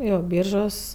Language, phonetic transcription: Lithuanian, ˈjo ˈbyržos

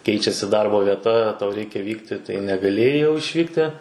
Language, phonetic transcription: Lithuanian, ˈkeičiasi ˈdarbo vieˈta tau ˈreikia ˈvykti tai negaˈlėjai jau išˈvykti

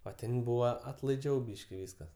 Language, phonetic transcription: Lithuanian, o ˈten ˈbūva atlaiˈdžiau ˈbyški ˈvyskas

